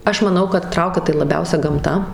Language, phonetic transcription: Lithuanian, ˈaš maˈnau kad ˈtraukia tai laˈbiausia gamˈta

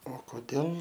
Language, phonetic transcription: Lithuanian, o koˈdėl

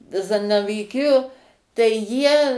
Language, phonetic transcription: Lithuanian, ˈzanavyˈkijo tai ˈjie

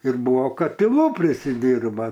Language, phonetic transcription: Lithuanian, ir ˈbuvo katiˈlų prisiˈdyrba

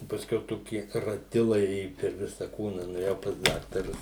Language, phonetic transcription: Lithuanian, i pasˈkiau ˈtoki raˈtilai ˈėju per ˈvisa ˈkūna nuėˈjau pas ˈdaktarus

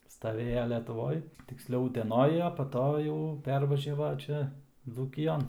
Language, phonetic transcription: Lithuanian, staˈvėja letuˈvoj tiksˈliau uteˈnoj a pa ˈto jau ˈpervažiava ˈčia dzūkiˈjon

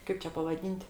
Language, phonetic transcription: Lithuanian, ˈkaip čia pavaˈdyn't'

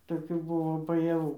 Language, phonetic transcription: Lithuanian, toˈkių ˈbuvo bajaˈvų

